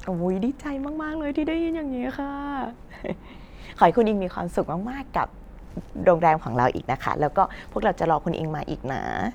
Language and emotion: Thai, happy